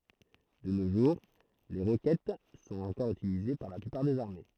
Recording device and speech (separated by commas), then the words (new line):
throat microphone, read sentence
De nos jours, les roquettes sont encore utilisées par la plupart des armées.